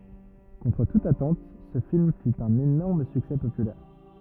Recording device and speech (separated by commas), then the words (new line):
rigid in-ear microphone, read sentence
Contre toute attente ce film fut un énorme succès populaire.